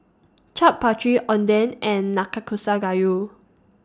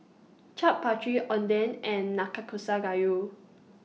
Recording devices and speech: standing microphone (AKG C214), mobile phone (iPhone 6), read sentence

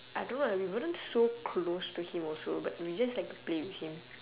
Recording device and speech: telephone, conversation in separate rooms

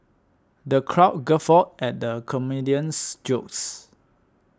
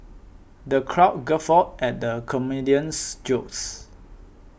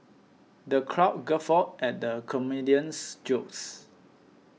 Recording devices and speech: standing microphone (AKG C214), boundary microphone (BM630), mobile phone (iPhone 6), read sentence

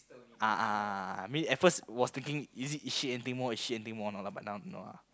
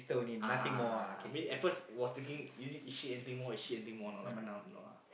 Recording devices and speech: close-talking microphone, boundary microphone, conversation in the same room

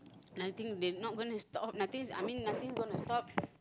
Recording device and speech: close-talking microphone, conversation in the same room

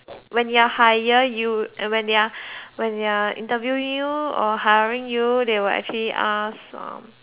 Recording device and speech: telephone, conversation in separate rooms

